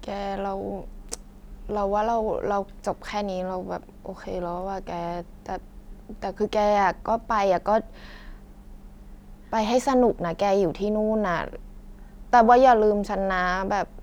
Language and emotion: Thai, frustrated